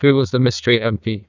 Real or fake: fake